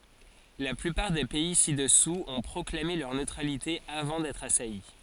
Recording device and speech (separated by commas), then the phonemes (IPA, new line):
forehead accelerometer, read sentence
la plypaʁ de pɛi sidɛsuz ɔ̃ pʁɔklame lœʁ nøtʁalite avɑ̃ dɛtʁ asaji